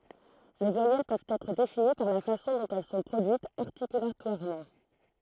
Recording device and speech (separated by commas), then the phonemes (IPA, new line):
throat microphone, read sentence
le vwajɛl pøvt ɛtʁ defini paʁ la fasɔ̃ dɔ̃t ɛl sɔ̃ pʁodyitz aʁtikylatwaʁmɑ̃